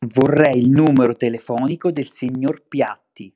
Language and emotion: Italian, angry